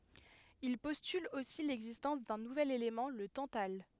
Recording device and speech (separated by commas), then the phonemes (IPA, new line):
headset microphone, read sentence
il pɔstyl osi lɛɡzistɑ̃s dœ̃ nuvɛl elemɑ̃ lə tɑ̃tal